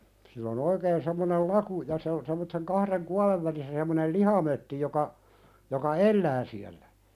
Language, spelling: Finnish, sillä on oikein semmoinen laku ja se on semmoisen kahden kuoren välissä semmoinen lihamötti joka joka elää siellä
- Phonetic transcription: sill ‿o'n ‿oikeen semmonel "laku ja se on sem̆motteŋ 'kahren "kuað̳ev välissä sem̆monel "lihamötti joka , joka "ellää siällä .

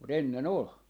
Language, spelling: Finnish, mutta ennen oli
- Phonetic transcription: mu't ‿ennen "ol .

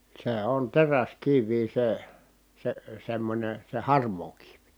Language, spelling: Finnish, se on teräskiviä se se semmoinen se harmaa kivi
- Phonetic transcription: sè on teräskiv̆vii se , se semmońe , se harm̀oo kiv .

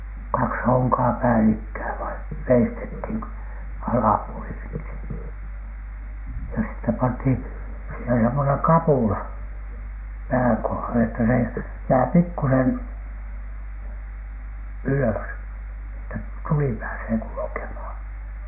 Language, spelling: Finnish, kaksi honkaa päällekkäin vain veistettiin - alapuoli ensin ja sitten pantiin siihen semmoinen kapula pään kohdalle että se jää pikkuisen ylös että tuli pääsee kulkemaan
- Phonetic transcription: kaks hoŋkaa 'päälikkää vaiN , veistethìn ko- , 'alapuoli ensin , ja sittep panthin , sìhen semmoneŋ "kapùla , 'pääŋ 'kohale että se jää 'pikkusen , "ylös , että "tuli pääsee kulᵘkemhàN .

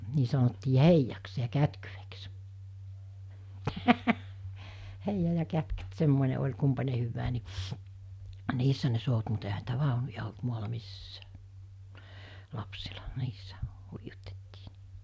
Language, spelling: Finnish, niin sanottiin heijaksi ja kätkyeksi heija ja kätkyt semmoinen oli kumpainenkin hyvää niin niissä ne souti mutta eihän niitä vaunuja ollut maalla missään lapsilla niissä huijutettiin niin
- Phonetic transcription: 'nii sanottii "heijaks ja 'kätkyveks , 'heija ja 'kätkyt 'semmòine oĺ 'kumpane hyvvää ni , 'niissä ne sout mut ehä niitä "vàonuja olt 'muala "missää , 'lapsila , 'niissä , 'huijutettɪɪ (ni) .

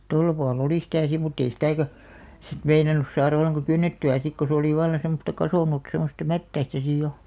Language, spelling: Finnish, tuolla puolen oli sitä sitten mutta ei sitäkään sitten meinannut saada ollenkaan kynnettyä sitten kun se oli vallan semmoista kasvanut semmoista mättäistä sitten jo
- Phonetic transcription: 'tolla pua'l ‿olì sⁱtä si mutt ‿ei 'sitä̀kä , sit 'meinanus saarᵃ olleŋka "kynnetty₍ä sik ko se olì 'vallan̬ semmosta 'kasònut semmosta "mättäistä sij jo .

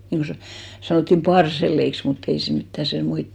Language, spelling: Finnish, niin kuin - sanottiin parselleiksi mutta ei se mitään - muita
- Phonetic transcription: niŋko sa- , 'sanottim "parsel̆leiks mut't ‿ei se mittä 'se- , muit .

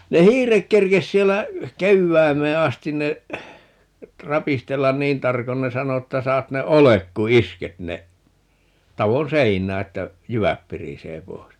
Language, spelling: Finnish, ne hiiret kerkesi siellä kevääseen asti ne rapistella niin tarkoin ne sanoi että saat ne oljet kun isket ne talon seinään että jyvät pirisee pois
- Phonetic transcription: 'ne "hiirek 'kerkes 'siellä , "kevväimee 'astin ne , 'rapistellan "niin 'tarkon - ne 'sano 'että 'saat ne "olek ku "isket ne , 'tavon "seiǹää 'että , "jyväp 'pirisee 'poi̮s .

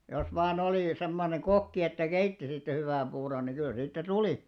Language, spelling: Finnish, jos vain oli semmoinen kokki että keitti siitä hyvän puuron niin kyllä siitä tuli
- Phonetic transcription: jos vaan ‿olì 'semmoneŋ "ɢokki että 'keitti siittä 'hyvä̀m 'ʙuuron ni kyl siittä "tulì .

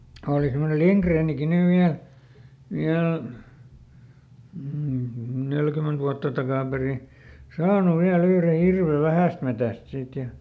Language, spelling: Finnish, oli semmoinen Lindgrenkin nyt vielä vielä neljäkymmentä vuotta takaperin saanut vielä yhden hirven Vähästämetsästä siitä ja
- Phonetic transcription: ˈooli semmonel "Liŋkreeniki ˈnyv ˈviäl , ˈviäl , ˈnelkyment vuatta ˈtakàperi , ˈsaanu ˈviäˈl ‿yhre ˈhirve "Vähä̀stmetä̀st ˈsiit ja ,.

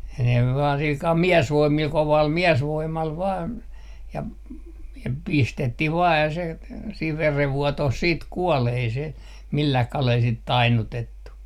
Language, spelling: Finnish, ne vain sillä kalella miesvoimilla kovalla miesvoimalla vain ja ja pistettiin vain ja se siinä verenvuotoon sitten kuoli ei se millään kalella sitten tainnutettu
- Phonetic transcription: ne vaan 'silkal "miɛsvoimmil , 'koval "miɛsvoim̆mal vaan , ja , ja "pistettih 'vaa ja se , siiv 'verevvuotoh 'siit "kuol ‿ei se , 'millah 'kalel sit "tainnutettu .

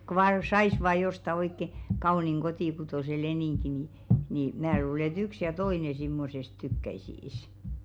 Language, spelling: Finnish, kun vain saisi vain jostakin oikein kauniin kotikutoisen leningin niin niin minä luulen että yksi ja toinen semmoisesta tykkäisi
- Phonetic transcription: ko vaa , "sais vaa 'josta 'oikke , "kauniŋ 'kotìkutòse 'leniŋki ni , nì 'mää luule ‿ĕt 'yks ja "toine simmosest 'tykkäisiis .

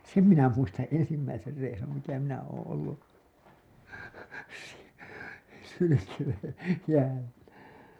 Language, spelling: Finnish, sen minä muistan ensimmäisen reissun mitä minä olen ollut - hylkeen jäällä
- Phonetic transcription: sem minä muistaa̰ 'ensimmäiser reisum mitä minä ooo̰ ollu , s- , hylykeen̬ , jäällä .

